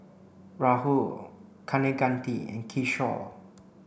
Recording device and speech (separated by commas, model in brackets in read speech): boundary microphone (BM630), read sentence